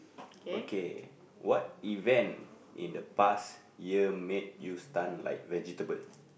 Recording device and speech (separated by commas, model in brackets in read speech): boundary microphone, conversation in the same room